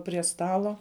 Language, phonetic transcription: Lithuanian, prie ˈstalo

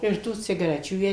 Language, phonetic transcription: Lithuanian, ir ˈtų cigaˈrečių ˈjie

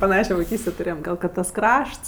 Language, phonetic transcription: Lithuanian, paˈnašio vaiˈkystė tuˈrėjem ˈgal kad tas ˈkrašts

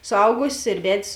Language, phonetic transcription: Lithuanian, suˈaugusės ir ˈved's'

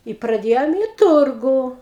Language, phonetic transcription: Lithuanian, i praˈdėjom i ˈturgu

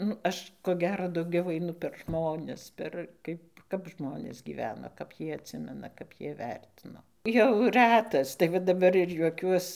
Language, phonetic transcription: Lithuanian, ˈnu ˈaš ko ˈgero dauˈgiau aiˈnu per ˈžmones per ˈkaip ˈkap ˈžmonės gyˈveno kap ˈjie atˈsimena kap ˈjie ˈvertino jau ˈrætas tai ˈva daˈbar ir juoˈkiuos

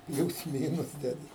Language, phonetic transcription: Lithuanian, ˈpliūs ˈmynus ˈdedi

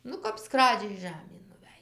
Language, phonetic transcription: Lithuanian, ˈnu kap ˈskradžiai ˈžamėn nuˈvæj

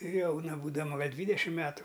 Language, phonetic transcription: Lithuanian, ˈjauna būdaˈma ˈgal' ˈdvydešim ˈmetu

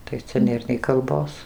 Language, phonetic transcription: Lithuanian, tai ˈcia ˈnėr nei kalˈbos

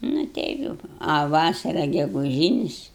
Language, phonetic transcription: Lithuanian, nu ˈteip jau a ˈvasara geguˈžynis

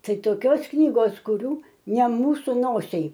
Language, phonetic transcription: Lithuanian, ˈtai toˈkios ˈknygos kuˈrių ne ˈmūsu ˈnosiai

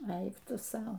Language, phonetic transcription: Lithuanian, ˈeik ˈtu ˈsau

